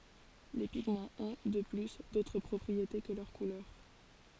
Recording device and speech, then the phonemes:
forehead accelerometer, read sentence
le piɡmɑ̃z ɔ̃ də ply dotʁ pʁɔpʁiete kə lœʁ kulœʁ

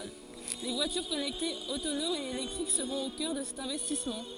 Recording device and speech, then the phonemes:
forehead accelerometer, read sentence
vwatyʁ kɔnɛktez otonomz e elɛktʁik səʁɔ̃t o kœʁ də sɛt ɛ̃vɛstismɑ̃

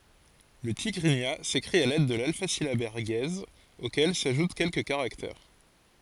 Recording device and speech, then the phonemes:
forehead accelerometer, read sentence
lə tiɡʁiɲa sekʁit a lɛd də lalfazilabɛʁ ɡɛz okɛl saʒut kɛlkə kaʁaktɛʁ

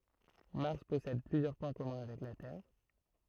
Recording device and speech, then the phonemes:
throat microphone, read sentence
maʁs pɔsɛd plyzjœʁ pwɛ̃ kɔmœ̃ avɛk la tɛʁ

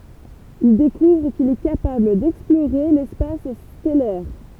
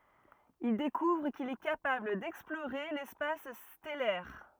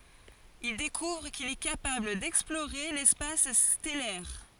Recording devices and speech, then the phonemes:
temple vibration pickup, rigid in-ear microphone, forehead accelerometer, read sentence
il dekuvʁ kil ɛ kapabl dɛksploʁe lɛspas stɛlɛʁ

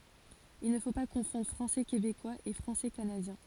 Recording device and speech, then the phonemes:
forehead accelerometer, read sentence
il nə fo pa kɔ̃fɔ̃dʁ fʁɑ̃sɛ kebekwaz e fʁɑ̃sɛ kanadjɛ̃

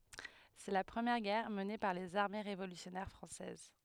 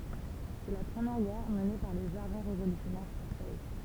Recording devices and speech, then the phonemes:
headset microphone, temple vibration pickup, read sentence
sɛ la pʁəmjɛʁ ɡɛʁ məne paʁ lez aʁme ʁevolysjɔnɛʁ fʁɑ̃sɛz

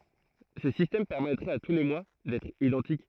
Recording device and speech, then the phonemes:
throat microphone, read sentence
sə sistɛm pɛʁmɛtʁɛt a tu le mwa dɛtʁ idɑ̃tik

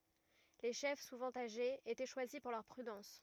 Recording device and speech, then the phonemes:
rigid in-ear microphone, read sentence
le ʃɛf suvɑ̃ aʒez etɛ ʃwazi puʁ lœʁ pʁydɑ̃s

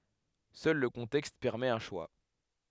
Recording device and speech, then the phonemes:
headset microphone, read sentence
sœl lə kɔ̃tɛkst pɛʁmɛt œ̃ ʃwa

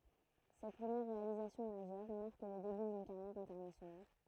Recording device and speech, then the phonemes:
throat microphone, read sentence
sɛt pʁəmjɛʁ ʁealizasjɔ̃ maʒœʁ maʁk lə deby dyn kaʁjɛʁ ɛ̃tɛʁnasjonal

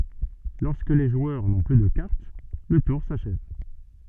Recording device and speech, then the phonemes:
soft in-ear microphone, read sentence
lɔʁskə le ʒwœʁ nɔ̃ ply də kaʁt lə tuʁ saʃɛv

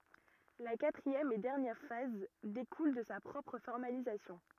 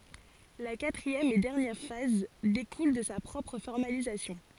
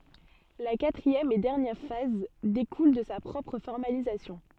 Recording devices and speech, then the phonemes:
rigid in-ear microphone, forehead accelerometer, soft in-ear microphone, read sentence
la katʁiɛm e dɛʁnjɛʁ faz dekul də sa pʁɔpʁ fɔʁmalizasjɔ̃

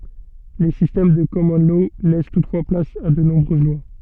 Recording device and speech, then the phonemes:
soft in-ear microphone, read sentence
le sistɛm də kɔmɔn lɔ lɛs tutfwa plas a də nɔ̃bʁøz lwa

